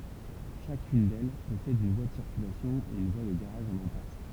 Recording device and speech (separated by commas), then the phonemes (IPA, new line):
temple vibration pickup, read sentence
ʃakyn dɛl pɔsɛd yn vwa də siʁkylasjɔ̃ e yn vwa də ɡaʁaʒ ɑ̃n ɛ̃pas